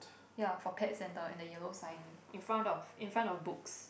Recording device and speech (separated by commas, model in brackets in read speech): boundary microphone, conversation in the same room